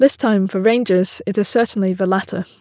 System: none